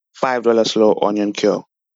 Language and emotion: English, disgusted